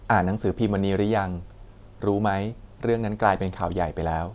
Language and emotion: Thai, neutral